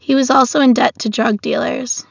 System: none